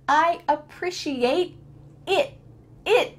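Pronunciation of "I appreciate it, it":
In 'I appreciate it', the t sounds are cut out, and no t is heard at the end of 'appreciate' or 'it'.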